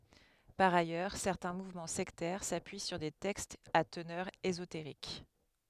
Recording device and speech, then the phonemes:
headset microphone, read sentence
paʁ ajœʁ sɛʁtɛ̃ muvmɑ̃ sɛktɛʁ sapyi syʁ de tɛkstz a tənœʁ ezoteʁik

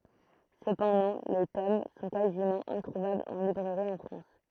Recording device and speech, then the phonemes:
throat microphone, read sentence
səpɑ̃dɑ̃ le tom sɔ̃ kazimɑ̃ ɛ̃tʁuvablz ɑ̃ libʁɛʁi ɑ̃ fʁɑ̃s

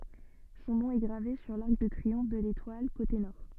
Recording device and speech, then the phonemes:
soft in-ear microphone, read sentence
sɔ̃ nɔ̃ ɛ ɡʁave syʁ laʁk də tʁiɔ̃f də letwal kote nɔʁ

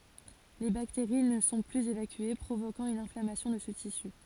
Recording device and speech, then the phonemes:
forehead accelerometer, read sentence
le bakteʁi nə sɔ̃ plyz evakye pʁovokɑ̃ yn ɛ̃flamasjɔ̃ də sə tisy

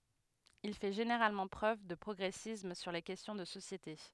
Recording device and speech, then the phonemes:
headset microphone, read sentence
il fɛ ʒeneʁalmɑ̃ pʁøv də pʁɔɡʁɛsism syʁ le kɛstjɔ̃ də sosjete

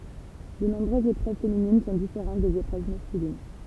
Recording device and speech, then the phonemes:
temple vibration pickup, read sentence
də nɔ̃bʁøzz epʁøv feminin sɔ̃ difeʁɑ̃t dez epʁøv maskylin

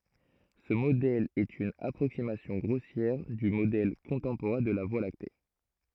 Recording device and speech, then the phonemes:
throat microphone, read sentence
sə modɛl ɛt yn apʁoksimasjɔ̃ ɡʁosjɛʁ dy modɛl kɔ̃tɑ̃poʁɛ̃ də la vwa lakte

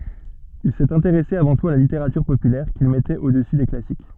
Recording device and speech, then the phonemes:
soft in-ear microphone, read sentence
il sɛt ɛ̃teʁɛse avɑ̃ tut a la liteʁatyʁ popylɛʁ kil mɛtɛt odəsy de klasik

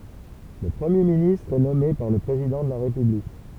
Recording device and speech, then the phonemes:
temple vibration pickup, read sentence
lə pʁəmje ministʁ ɛ nɔme paʁ lə pʁezidɑ̃ də la ʁepyblik

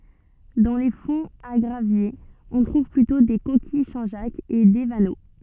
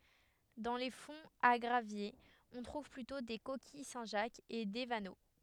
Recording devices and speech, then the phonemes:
soft in-ear microphone, headset microphone, read sentence
dɑ̃ le fɔ̃z a ɡʁavjez ɔ̃ tʁuv plytɔ̃ de kokij sɛ̃ ʒak e de vano

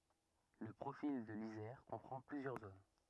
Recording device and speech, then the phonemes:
rigid in-ear microphone, read sentence
lə pʁofil də lizɛʁ kɔ̃pʁɑ̃ plyzjœʁ zon

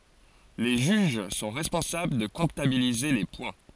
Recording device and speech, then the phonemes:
forehead accelerometer, read sentence
le ʒyʒ sɔ̃ ʁɛspɔ̃sabl də kɔ̃tabilize le pwɛ̃

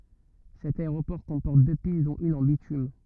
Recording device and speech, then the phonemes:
rigid in-ear microphone, read sentence
sɛt aeʁopɔʁ kɔ̃pɔʁt dø pist dɔ̃t yn ɑ̃ bitym

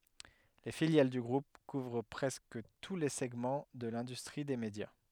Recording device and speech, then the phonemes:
headset microphone, read sentence
le filjal dy ɡʁup kuvʁ pʁɛskə tu le sɛɡmɑ̃ də lɛ̃dystʁi de medja

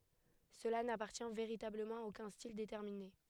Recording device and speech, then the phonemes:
headset microphone, read sentence
səla napaʁtjɛ̃ veʁitabləmɑ̃ a okœ̃ stil detɛʁmine

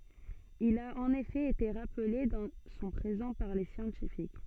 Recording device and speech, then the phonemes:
soft in-ear microphone, read sentence
il a ɑ̃n efɛ ete ʁaple dɑ̃ sɔ̃ pʁezɑ̃ paʁ le sjɑ̃tifik

